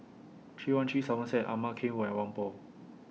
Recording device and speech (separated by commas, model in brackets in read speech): mobile phone (iPhone 6), read sentence